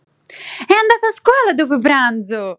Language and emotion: Italian, happy